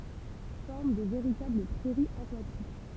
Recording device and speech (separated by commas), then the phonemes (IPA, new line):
temple vibration pickup, read sentence
fɔʁm də veʁitabl pʁɛʁiz akwatik